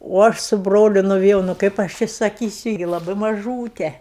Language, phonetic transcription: Lithuanian, o ˈaš su ˈbroliu nuviˈjau nu ˈkaip aš ˈči saˈkysiu gi laˈbai maˈžūte

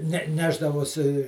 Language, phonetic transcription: Lithuanian, ne ˈnešdavosi

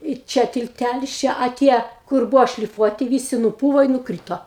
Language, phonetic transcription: Lithuanian, i ˈčia tilˈtælis ˈčia a ˈtie kur ˈbūvo šliˈfuoti ˈvysi nuˈpūvo i nuˈkryto

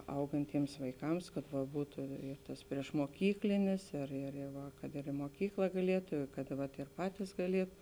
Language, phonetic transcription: Lithuanian, ˈaugantiems vaiˈkams kad va ˈbūtu ir tas priešmuoˈkyklinis ir ir i ˈva kad ir i muoˈkykla gaˈlietu i kad vat ir ˈpatys gaˈlietu

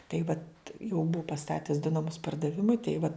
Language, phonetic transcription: Lithuanian, taip vat jau ˈbuu paˈstates du naˈmus pardaˈvimui tai va

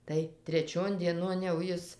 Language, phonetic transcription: Lithuanian, tai treˈčion dieˈnon jau ˈjis

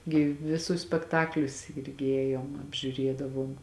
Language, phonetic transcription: Lithuanian, gi viˈsus spekˈtaklius ˈirgi ˈėjom apžiuˈriedavom

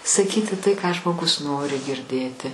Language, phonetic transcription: Lithuanian, saˈkyti tai ką žmoˈgus ˈnori girˈdėti

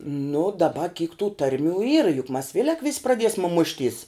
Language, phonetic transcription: Lithuanian, nu daˈba kyk tų ˈtarˌmių yra juk mas ˈvėlek vis praˈdiesme ˈmušˌtys

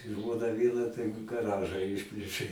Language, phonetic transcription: Lithuanian, ˈžmona ˈviena tai gaˈraža ˈišplėšė

